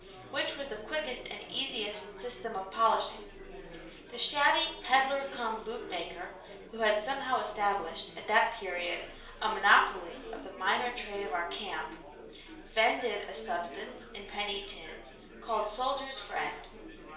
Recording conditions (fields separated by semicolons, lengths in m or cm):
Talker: one person; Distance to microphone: 1.0 m; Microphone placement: close; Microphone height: 1.1 m; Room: small (3.7 m by 2.7 m); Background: babble